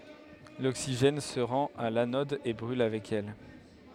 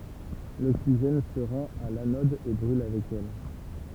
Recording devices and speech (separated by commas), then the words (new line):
headset microphone, temple vibration pickup, read sentence
L'oxygène se rend à l'anode et brûle avec elle.